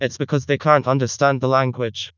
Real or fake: fake